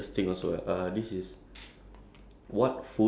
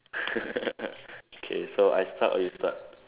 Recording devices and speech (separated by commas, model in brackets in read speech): standing microphone, telephone, conversation in separate rooms